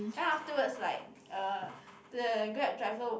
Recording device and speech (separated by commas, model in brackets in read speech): boundary microphone, conversation in the same room